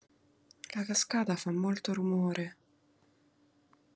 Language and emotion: Italian, sad